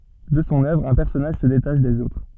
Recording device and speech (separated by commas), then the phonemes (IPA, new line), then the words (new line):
soft in-ear microphone, read sentence
də sɔ̃ œvʁ œ̃ pɛʁsɔnaʒ sə detaʃ dez otʁ
De son œuvre, un personnage se détache des autres.